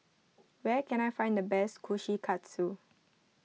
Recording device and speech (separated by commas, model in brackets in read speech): mobile phone (iPhone 6), read sentence